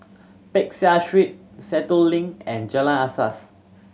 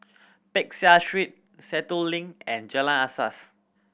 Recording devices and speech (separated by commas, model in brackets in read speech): mobile phone (Samsung C7100), boundary microphone (BM630), read sentence